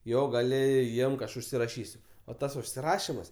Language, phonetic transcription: Lithuanian, ˈjo gaˈli ˈimk ˈaš užsiraˈšysiu o ˈtas užsiˈrašimas

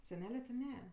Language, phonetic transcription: Lithuanian, seˈnele ti ˈne

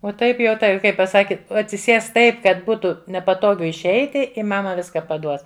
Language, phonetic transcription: Lithuanian, o ˈtaip jau ˈtai ˈkai paˈsaki atsiˈsės ˈtaip kad ˈbūtu nepaˈtogu išˈeiti i ˈmama ˈviska paˈduos

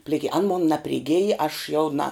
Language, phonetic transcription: Lithuanian, pliˈki an mon napriˈgėj aš jau na

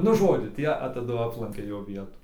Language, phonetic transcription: Lithuanian, nu ˈžodžiu ˈtie a taˈdu ˈaplankia ˈjo ˈvietų

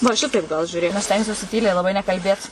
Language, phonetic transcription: Lithuanian, va ˈšitaip gal žiuˈrėk nu ˈaš ˈstengsiuosi ˈtyliai laˈbai nekalˈbėt

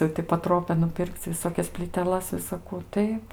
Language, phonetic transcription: Lithuanian, jau ti paˈtropia nuˈpir'k'c' viˈsokias plyteˈlas visaˈkų ˈtaip

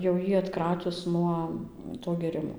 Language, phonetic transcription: Lithuanian, jau ˈjį atˈkratius ˈnuo to gėˈrimo

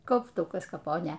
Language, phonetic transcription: Lithuanian, kaupˈtukas kaˈponė

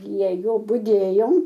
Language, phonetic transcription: Lithuanian, prie ˈjo budėjom

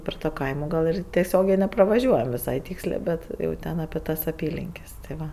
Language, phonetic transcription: Lithuanian, per to ˈkaimo ˈgal ir teˈsiogiai nepravaˈžiuojam viˈsai ˈtykslė ˈbet jau ˈten ape ˈtas aˈpylinkes tai ˈva

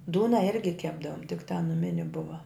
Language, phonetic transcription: Lithuanian, ˈdūna ˈirgi ˈkepdavom tik ta nuˈmini ˈbuva

